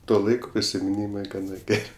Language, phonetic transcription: Lithuanian, ˈto ˈlaiko prisimiˈnymai gaˈna ˈger'

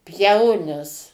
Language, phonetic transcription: Lithuanian, ˈpjaunis

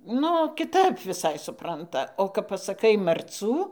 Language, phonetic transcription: Lithuanian, ˈnu kiˈtap viˈsai suˈpranta o kap pasaˈkai marˈcų

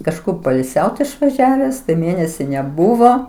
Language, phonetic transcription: Lithuanian, kažˈkur poilˈsiaut išvaˈžiaves tai ˈmėnesi neˈbuvo

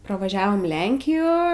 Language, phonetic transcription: Lithuanian, pravaˈžiavom ˈlenkijo

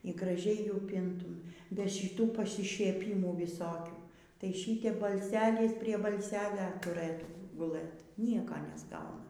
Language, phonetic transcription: Lithuanian, y graˈžiai ˈjų ˈpintum be šiˈtų pasišieˈpymų viˈsokių tai ˈšytep balˈselis prie balˈselia tuˈrɘtų guˈlɘt ˈnieko nesˈgauna

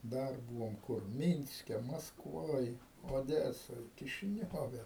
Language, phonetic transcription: Lithuanian, ˈdar ˈbūvom ˈkur ˈmynske maskˈvoj oˈdesoj kišiˈniove

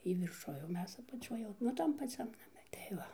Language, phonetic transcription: Lithuanian, ˈjy virˈšuj o ˈmes apaˈčioj jau nu ˈtam paˈciam naˈme tai ˈva

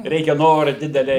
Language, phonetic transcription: Lithuanian, ˈreikia ˈnora ˈdidelia

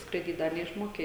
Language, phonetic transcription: Lithuanian, skraiˈdyt ˈdar neišˈmoke

